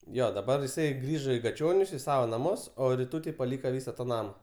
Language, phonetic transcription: Lithuanian, ˈjo daˈbar iˈsai ˈgrįžo į gaˈčionius i ˈsavo naˈmus o riˈtūtei paˈlyka ˈvysa ta ˈnama

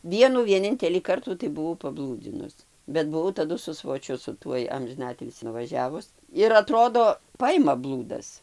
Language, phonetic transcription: Lithuanian, ˈvienų vieˈnintelį ˈkartų tai buˈvau paˈblūdzinus bet buˈvau taˈdu su svoˈčiu su ˈtuoj amžiˈnatilsį nuvaˈžiavus ir aˈtrodo ˈpaima ˈblūdas

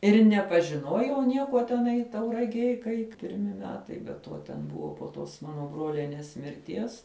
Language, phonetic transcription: Lithuanian, ir nepažiˈnuojau ˈniekuo teˈnai tauragiej kai pirˈmi ˈmetai be ˈtuo ˈten ˈbuvo po ˈtos ˈmano ˈbrolenės mirˈties

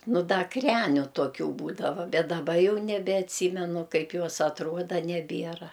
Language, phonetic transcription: Lithuanian, nu ˈda ˈkreniu toˈkių ˈbūdava bet daˈba ˈjau nebeatˈsymenu ˈkaip ˈjos atˈruoda neˈbiera

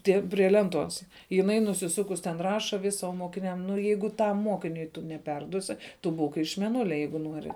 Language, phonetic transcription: Lithuanian, ˈtie prie ˈlenˌtuos jiˈnai nusiˈsukus ten ˈraša vis o mokiˈniam nu ˈjeigu ˈtam ˈmokiniui tu neˈperduosi ˈtu ˈbūk iš meˈnulia ˈjeigu ˈnuori

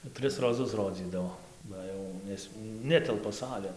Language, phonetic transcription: Lithuanian, ˈtris roˈzus ˈrodzydavo ˈba jau ˈnes ˈnetelpa ˈsalėn

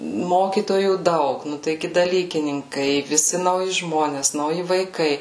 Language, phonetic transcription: Lithuanian, ˈmokytojų ˈdaug ˈnu taiˈgi daˈlykininkai viˈsi nauˈji ˈžmones nauˈji vaiˈkai

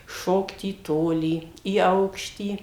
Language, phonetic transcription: Lithuanian, ˈšokt į ˈtolį į ˈaukštį

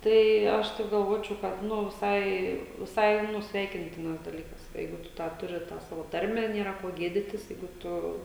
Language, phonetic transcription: Lithuanian, ˈtai ˈaš ˈtaip galˈvočiau kad ˈnu viˈsai viˈsai ˈnu ˈsveikintinas daˈlykas ˈjeigu ˈtu tą ˈturi tą ˈsavo ˈtarmę ˈnėra ˈko ˈgėditis ˈjeigu ˈtu

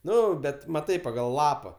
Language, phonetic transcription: Lithuanian, ˈnu ˈbet maˈtai pagal ˈlapa

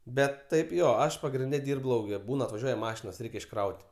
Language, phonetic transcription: Lithuanian, ˈbet ˈtaip ˈjo ˈaš pagrinˈde ˈdyrb ˈlauke ˈbūn atvaˈžiuoja ˈmašinos ˈreik' išˈkraut'

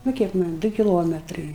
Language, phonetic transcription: Lithuanian, nu ˈkiek ˈman' ˈdu kiˈlometrai

